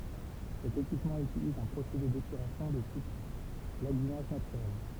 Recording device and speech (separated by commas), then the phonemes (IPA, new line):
temple vibration pickup, read sentence
sɛt ekipmɑ̃ ytiliz œ̃ pʁosede depyʁasjɔ̃ də tip laɡynaʒ natyʁɛl